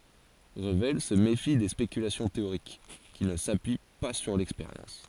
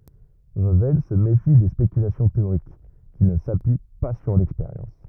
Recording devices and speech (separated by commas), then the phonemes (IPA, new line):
forehead accelerometer, rigid in-ear microphone, read sentence
ʁəvɛl sə mefi de spekylasjɔ̃ teoʁik ki nə sapyi pa syʁ lɛkspeʁjɑ̃s